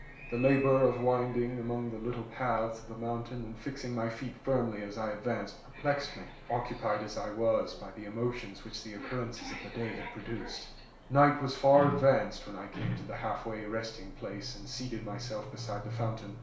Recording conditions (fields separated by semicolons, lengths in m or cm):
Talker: one person; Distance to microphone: 1.0 m; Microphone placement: close; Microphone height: 1.1 m; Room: small (3.7 m by 2.7 m); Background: television